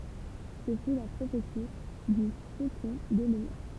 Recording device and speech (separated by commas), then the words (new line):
temple vibration pickup, read sentence
Ce fut la prophétie du Faucon de Lumière.